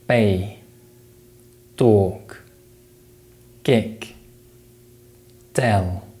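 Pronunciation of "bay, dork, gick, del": The p, t and k sounds at the start of these words are weakly aspirated. There is no delay before the following vowel sound, so no extra breath can be heard.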